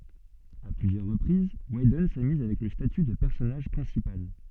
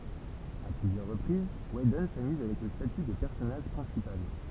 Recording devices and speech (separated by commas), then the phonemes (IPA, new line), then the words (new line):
soft in-ear microphone, temple vibration pickup, read sentence
a plyzjœʁ ʁəpʁiz widɔn samyz avɛk lə staty də pɛʁsɔnaʒ pʁɛ̃sipal
À plusieurs reprises, Whedon s'amuse avec le statut de personnage principal.